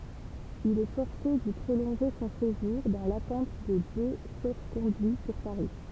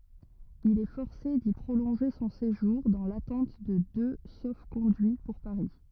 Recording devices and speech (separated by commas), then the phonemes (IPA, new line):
temple vibration pickup, rigid in-ear microphone, read sentence
il ɛ fɔʁse di pʁolɔ̃ʒe sɔ̃ seʒuʁ dɑ̃ latɑ̃t də dø sofkɔ̃dyi puʁ paʁi